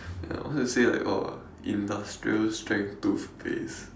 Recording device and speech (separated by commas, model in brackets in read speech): standing microphone, conversation in separate rooms